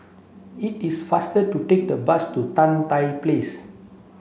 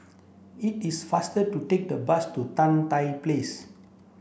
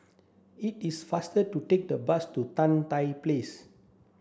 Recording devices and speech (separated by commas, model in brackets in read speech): mobile phone (Samsung C7), boundary microphone (BM630), standing microphone (AKG C214), read sentence